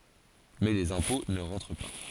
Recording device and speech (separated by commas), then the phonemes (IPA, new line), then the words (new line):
forehead accelerometer, read sentence
mɛ lez ɛ̃pɔ̃ nə ʁɑ̃tʁ pa
Mais les impôts ne rentrent pas.